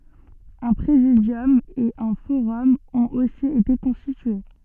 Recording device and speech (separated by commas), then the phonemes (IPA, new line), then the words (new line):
soft in-ear microphone, read sentence
œ̃ pʁezidjɔm e œ̃ foʁɔm ɔ̃t osi ete kɔ̃stitye
Un Présidium et un forum ont aussi été constitués.